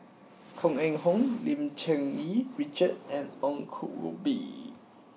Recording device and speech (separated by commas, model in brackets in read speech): mobile phone (iPhone 6), read sentence